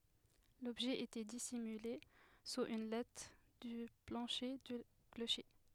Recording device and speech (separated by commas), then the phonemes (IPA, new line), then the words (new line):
headset microphone, read sentence
lɔbʒɛ etɛ disimyle suz yn lat dy plɑ̃ʃe dy kloʃe
L’objet était dissimulé sous une latte du plancher du clocher.